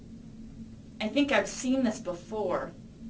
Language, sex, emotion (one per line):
English
female
disgusted